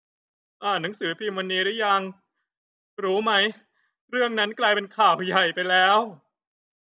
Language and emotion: Thai, sad